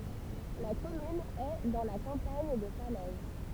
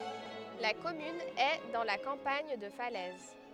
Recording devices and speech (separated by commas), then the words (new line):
temple vibration pickup, headset microphone, read sentence
La commune est dans la campagne de Falaise.